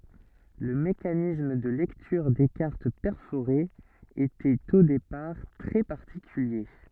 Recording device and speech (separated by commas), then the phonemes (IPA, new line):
soft in-ear microphone, read sentence
lə mekanism də lɛktyʁ de kaʁt pɛʁfoʁez etɛt o depaʁ tʁɛ paʁtikylje